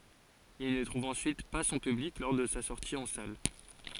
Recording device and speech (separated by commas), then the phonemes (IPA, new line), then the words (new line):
forehead accelerometer, read sentence
il nə tʁuv ɑ̃syit pa sɔ̃ pyblik lɔʁ də sa sɔʁti ɑ̃ sal
Il ne trouve ensuite pas son public lors de sa sortie en salle.